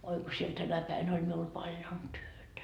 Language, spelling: Finnish, oi kun siellä tänä päivänä oli minulla paljon työtä
- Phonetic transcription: oi ko siel 'tänä päin oĺ miul 'paljon "työtä .

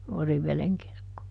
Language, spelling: Finnish, Oriveden kirkkoon
- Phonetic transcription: ˈOriv̆veleŋ kirkkoo .

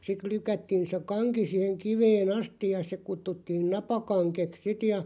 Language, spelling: Finnish, sitten lykättiin se kanki siihen kiveen asti ja se kutsuttiin napakangeksi sitten ja
- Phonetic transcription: 'sit 'lykättiin se "kaŋki siiheŋ 'kivee"n ‿astiʲ ja se 'kuttuttiin "napakaŋkeks sit ja .

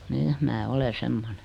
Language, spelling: Finnish, niin minä olen semmoinen
- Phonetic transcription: ni , 'mää 'ole "semmone .

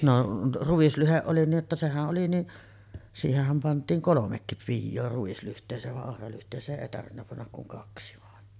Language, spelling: Finnish, no ruislyhde oli niin että sehän oli niin siihenhän pantiin kolmekin pioa ruislyhteeseen vaan ohralyhteeseen ei tarvinnut panna kuin kaksi vain
- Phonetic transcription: no , 'ruᵛislyheˀ ˀoli nii’ ’että 'sehä’ ’oli ni’ , 'siiheh̆häm pant̀iiŋ "kolomekkip 'pijjoo ruislyht̀ees̀eev va’ '’ohralyht̀ees̀ee’ ’èi tarvinna pannak kuŋ 'kaksi vàen .

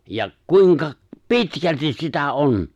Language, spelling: Finnish, ja kuinka pitkälti sitä on
- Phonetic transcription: ja 'kuiŋka , "pitkältis sitä '’on !

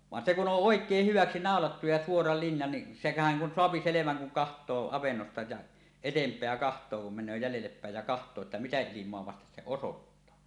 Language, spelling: Finnish, vaan se kun on oikein hyväksi naulattu ja suora linja niin sehän kun saa selvän kun katsoo avannosta ja eteenpäin katsoo kun menee jäljelle päin ja katsoo että mitä ilmaa vasten se osoittaa
- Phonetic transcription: van se ku "on "ˀòek̀eeh 'hyväksi 'nàolattu ja suora linja ni , sehän kun 'soapi 'seleväŋ kuŋ "kaht̀oo 'avennosta ja , "etemp̀eä 'kaht̀oo kum men̆nöö jälellep pä̀ej ja 'kaht̀oo että "mitä 'ilim̀oa vastes 'se "osottaa .

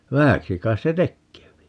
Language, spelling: Finnish, vähäksi kai se tekee
- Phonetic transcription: "vähäksi 'kais se "tekkeepi .

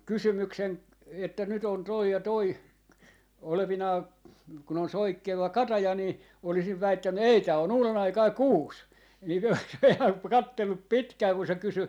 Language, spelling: Finnish, kysymyksen että nyt on tuo ja tuo olevinaan kun on soikkeva kataja niin olisin väittänyt ei tämä on uudenaikainen kuusi niin olisi pojat katsellut pitkään kun se kysyi
- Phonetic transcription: 'kysymyksen että 'nyt ‿on 'toi ja 'toi , olevinaa , kun ‿on 'soikkeva "kataja nii , olisiv 'väittänny » "ei tää on "uulenaikai "kuus » , (nii olis) pojat "kattellup "pitkää ku se 'kysy ,.

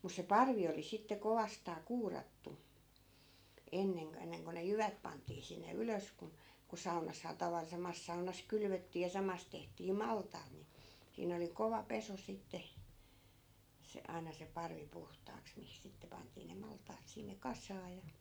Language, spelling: Finnish, mutta se parvi oli sitten kovastaan kuurattu ennen - ennen kuin ne jyvät pantiin sinne ylös kun kun saunassahan - samassa saunassa kylvettiin ja samassa tehtiin maltaat niin siinä oli kova pesu sitten se aina se parvi puhtaaksi mihin sitten pantiin ne maltaat sinne kasaan ja
- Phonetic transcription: mus se "parvi oli sitte 'kovastaa 'kuurattu , 'enneŋ k- , 'enneŋ ko ne "jyvät pant̆tii sinne 'ylös kun̬ , ku 'saunashaa taval- , 'samas saunas "kylvöttii ja 'samas tehtii "maltaat ni , siin ‿oli 'kova "peso sitte , se , 'ai̮na se 'parvi 'puht̀aaks mihis 'sitte pant̀ii ne 'malt̀aat sinne "kas̆saa ja .

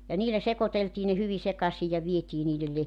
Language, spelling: Finnish, ja niillä sekoiteltiin ne hyvin sekaisin ja vietiin niille -
- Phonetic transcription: ja 'niilä 'sekoteltii ne 'hyvi 'sekasij ja 'vietii niilel 'le- ,.

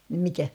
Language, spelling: Finnish, niin mikä
- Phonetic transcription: nⁱm 'mikä ?

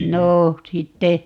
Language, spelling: Finnish, no sitten
- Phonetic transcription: 'noo , 'sitte ,.

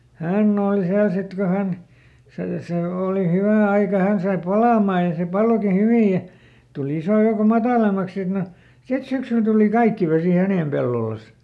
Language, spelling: Finnish, hän oli siellä sitten kun hän se se oli hyvä aika hän sai palamaan ja se palokin hyvin ja tuli ison joukon matalammaksi sitten no sitten syksyllä tuli kaikki vesi hänen pellollensa
- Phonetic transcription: "hänn ‿ooli ˈsiäl sit ko ˈhän , ˈse , sè ˈooli ˈhywä ˈaika ˈhän sai "palamaa ja se ˈpaloki ˈhyvij ja , tuˈl ‿isò joukom "matàlemmaks sit no , sit ˈsyksyl tuli "kaikki vesì ˈhänèm pellolas .

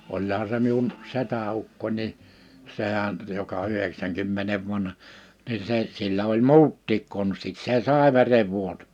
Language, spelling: Finnish, olihan se minun setäukkoni niin sehän joka yhdeksänkymmenen vanha niin se sillä oli muutkin konstit se sai verenvuoto
- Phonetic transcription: 'oĺha se miun , 'setä₍ukkon̆́ ni , 'sehän , joka 'yheksäŋkymmenev'vanha , ni 'se , sillä oĺ "muuttiik 'konstit 'se "sàe̬ 'verev'vuotᴏ .

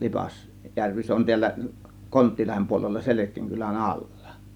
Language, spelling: Finnish, - Lipasjärvi se on täällä Konttilahden puolella Selkien kylän alla
- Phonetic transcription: 'Lipas- , -järvi se on tiällä , 'Konttiilahem puolella 'Selek̆kiiŋ 'kylän "allA .

